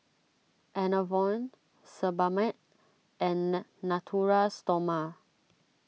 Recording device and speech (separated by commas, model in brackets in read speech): mobile phone (iPhone 6), read sentence